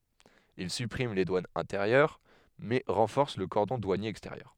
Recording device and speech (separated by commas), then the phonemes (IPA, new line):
headset microphone, read sentence
il sypʁim le dwanz ɛ̃teʁjœʁ mɛ ʁɑ̃fɔʁs lə kɔʁdɔ̃ dwanje ɛksteʁjœʁ